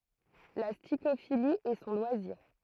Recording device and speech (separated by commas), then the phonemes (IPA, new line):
throat microphone, read sentence
la stikofili ɛ sɔ̃ lwaziʁ